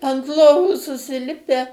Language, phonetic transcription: Lithuanian, ant ˈlovų susiˈlipe

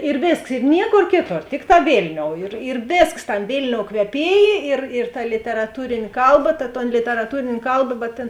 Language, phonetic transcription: Lithuanian, ir ˈvėsks i ˈnieˌkor ˈkėˌtor ˈtikˌtā ˈvėlniou ir ir ˈvėsks ˈtam' ˈvėlniou kveˈpiejė ir ir ta literaˈtūrėnė ˈkalˌba ta ton literaˈtūrėnė ˈkalba bet tėn

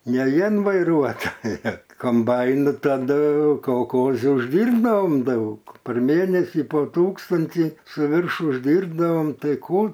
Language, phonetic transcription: Lithuanian, ne ˈvien vaiˈruotoja komˈbainu taˈdu kolˈkozi užˈdyrbdaom ˈdaug par ˈmėnesi po ˈtūkstanti su ˈvirš užˈdyrbdavom ˈtai ˈkų

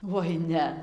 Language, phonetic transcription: Lithuanian, voi ˈne

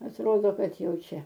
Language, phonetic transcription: Lithuanian, atˈrodo ˈkad ˈjau ˈčia

